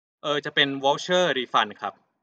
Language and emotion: Thai, neutral